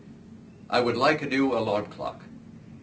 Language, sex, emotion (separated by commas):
English, male, neutral